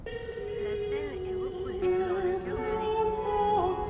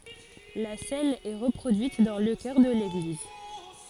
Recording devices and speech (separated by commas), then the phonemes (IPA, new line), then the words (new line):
rigid in-ear microphone, forehead accelerometer, read sentence
la sɛn ɛ ʁəpʁodyit dɑ̃ lə kœʁ də leɡliz
La cène est reproduite dans le chœur de l'église.